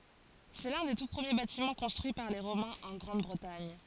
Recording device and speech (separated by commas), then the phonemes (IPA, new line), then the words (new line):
forehead accelerometer, read sentence
sɛ lœ̃ de tu pʁəmje batimɑ̃ kɔ̃stʁyi paʁ le ʁomɛ̃z ɑ̃ ɡʁɑ̃dbʁətaɲ
C'est l'un des tout premiers bâtiments construits par les Romains en Grande-Bretagne.